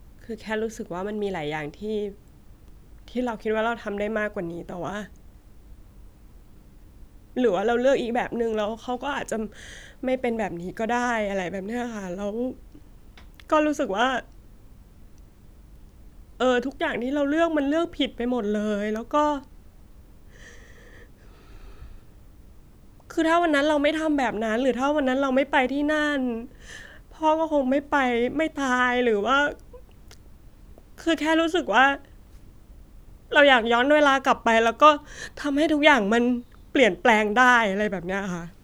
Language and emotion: Thai, sad